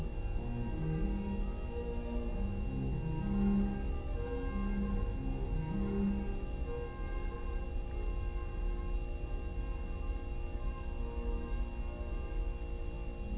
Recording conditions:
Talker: no one; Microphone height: 3 cm; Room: large; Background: music

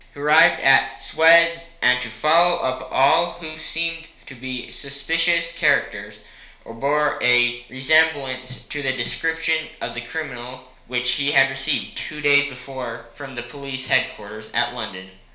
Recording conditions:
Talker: one person; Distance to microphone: 1.0 m; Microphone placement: close; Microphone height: 1.1 m; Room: small (3.7 m by 2.7 m); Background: none

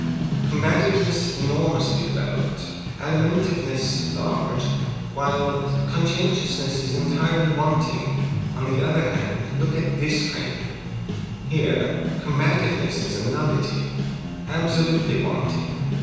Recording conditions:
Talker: one person; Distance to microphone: 7.1 m; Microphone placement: far; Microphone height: 1.7 m; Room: very reverberant, large; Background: music

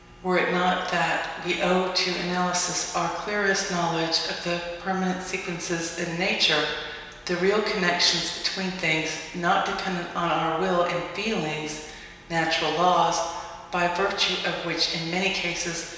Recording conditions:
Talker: one person; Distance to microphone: 1.7 m; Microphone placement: close; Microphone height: 1.0 m; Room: very reverberant, large; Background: none

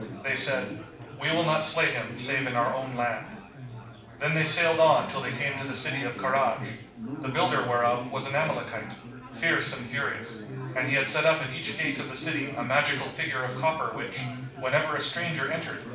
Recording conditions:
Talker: one person; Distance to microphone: 5.8 m; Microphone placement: far; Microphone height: 1.8 m; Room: medium-sized (5.7 m by 4.0 m); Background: babble

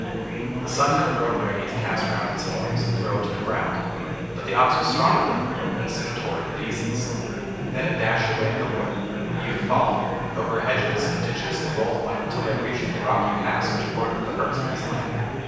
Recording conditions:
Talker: one person; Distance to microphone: 7.1 m; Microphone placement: far; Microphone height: 1.7 m; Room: very reverberant, large; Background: babble

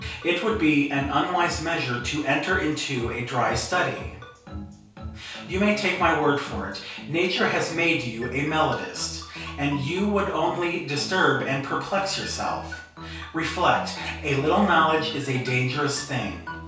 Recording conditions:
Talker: one person; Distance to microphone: 3.0 m; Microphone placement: far; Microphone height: 1.8 m; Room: small (3.7 m by 2.7 m); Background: music

